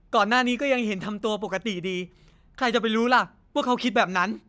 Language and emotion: Thai, frustrated